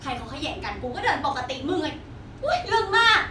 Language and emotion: Thai, angry